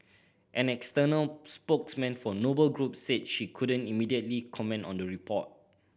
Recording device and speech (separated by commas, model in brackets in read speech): boundary microphone (BM630), read sentence